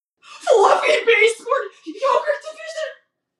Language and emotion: English, fearful